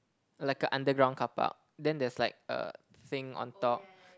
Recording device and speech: close-talking microphone, conversation in the same room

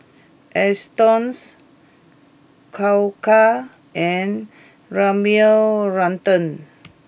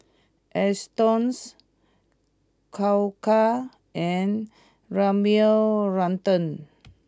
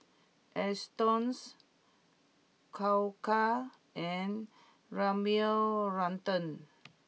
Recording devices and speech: boundary microphone (BM630), close-talking microphone (WH20), mobile phone (iPhone 6), read sentence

